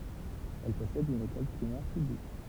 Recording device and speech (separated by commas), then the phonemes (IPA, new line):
temple vibration pickup, read sentence
ɛl pɔsɛd yn ekɔl pʁimɛʁ pyblik